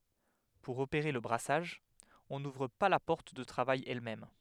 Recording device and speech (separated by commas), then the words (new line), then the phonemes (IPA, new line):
headset microphone, read sentence
Pour opérer le brassage, on n'ouvre pas la porte de travail elle-même.
puʁ opeʁe lə bʁasaʒ ɔ̃ nuvʁ pa la pɔʁt də tʁavaj ɛlmɛm